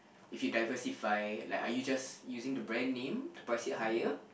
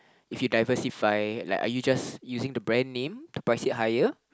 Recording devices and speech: boundary microphone, close-talking microphone, conversation in the same room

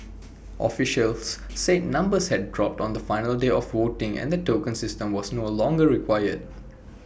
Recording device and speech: boundary microphone (BM630), read sentence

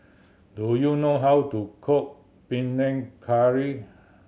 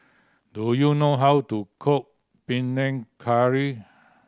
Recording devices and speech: mobile phone (Samsung C7100), standing microphone (AKG C214), read sentence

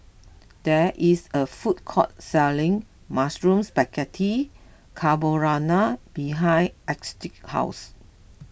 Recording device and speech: boundary microphone (BM630), read sentence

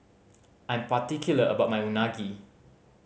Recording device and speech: mobile phone (Samsung C5010), read sentence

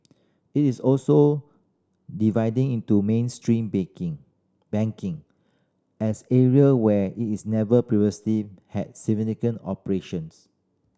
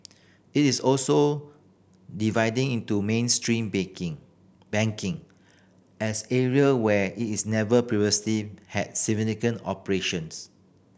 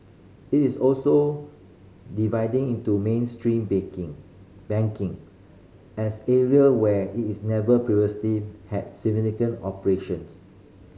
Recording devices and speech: standing microphone (AKG C214), boundary microphone (BM630), mobile phone (Samsung C5010), read sentence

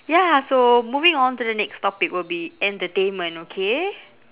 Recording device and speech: telephone, conversation in separate rooms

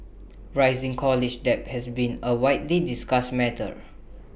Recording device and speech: boundary microphone (BM630), read sentence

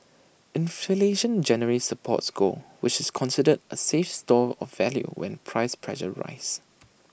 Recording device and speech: boundary microphone (BM630), read sentence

